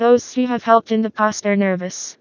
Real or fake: fake